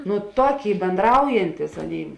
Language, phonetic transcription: Lithuanian, nu ˈtoˌkėi benˈdraujantis ˈaˌnėi

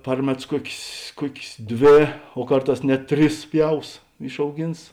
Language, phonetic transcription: Lithuanian, ˈpar meˌtus ˈkuokės ˈkuokės ˈdvė o ˈkarˌtās net ˈtris ˈpjaus išauˈgins

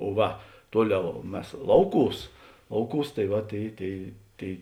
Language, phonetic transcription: Lithuanian, o ˈva ˈtuoˌliau ˈmes ˈlauˌkūs ˈlauˌkūs tai ˈva ˈtėi ˈtėi ˈtėi

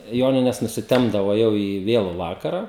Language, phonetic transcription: Lithuanian, ˈjonines nusiˈtempdavo ˈjau į ˈvėlu ˈvakara

